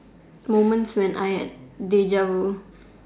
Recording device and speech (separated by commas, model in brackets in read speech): standing microphone, conversation in separate rooms